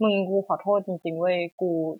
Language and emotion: Thai, sad